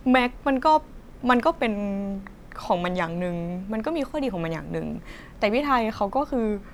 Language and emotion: Thai, frustrated